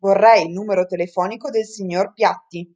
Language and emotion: Italian, neutral